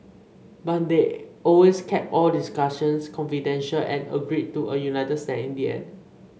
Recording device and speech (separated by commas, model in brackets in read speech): mobile phone (Samsung C5), read sentence